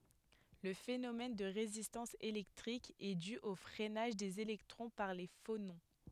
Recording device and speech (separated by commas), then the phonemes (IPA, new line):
headset microphone, read sentence
lə fenomɛn də ʁezistɑ̃s elɛktʁik ɛ dy o fʁɛnaʒ dez elɛktʁɔ̃ paʁ le fonɔ̃